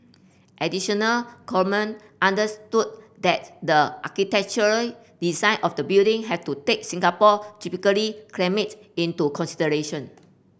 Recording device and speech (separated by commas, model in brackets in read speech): boundary microphone (BM630), read sentence